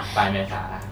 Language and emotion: Thai, neutral